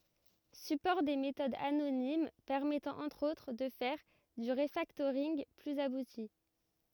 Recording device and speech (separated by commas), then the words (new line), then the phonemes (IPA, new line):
rigid in-ear microphone, read sentence
Support des méthodes anonymes, permettant, entre autres, de faire du refactoring plus abouti.
sypɔʁ de metodz anonim pɛʁmɛtɑ̃ ɑ̃tʁ otʁ də fɛʁ dy ʁəfaktoʁinɡ plyz abuti